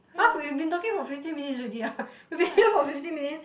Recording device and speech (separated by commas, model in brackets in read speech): boundary microphone, conversation in the same room